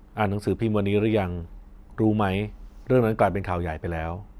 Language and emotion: Thai, neutral